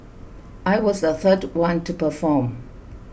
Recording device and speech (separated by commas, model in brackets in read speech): boundary microphone (BM630), read sentence